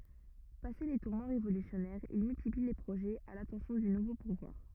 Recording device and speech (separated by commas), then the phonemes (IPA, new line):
rigid in-ear microphone, read sentence
pase le tuʁmɑ̃ ʁevolysjɔnɛʁz il myltipli le pʁoʒɛz a latɑ̃sjɔ̃ dy nuvo puvwaʁ